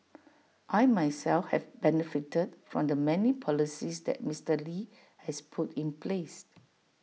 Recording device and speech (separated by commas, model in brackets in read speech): mobile phone (iPhone 6), read sentence